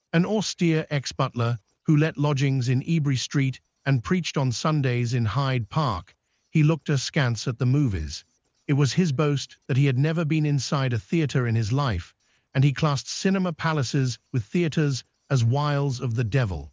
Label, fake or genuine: fake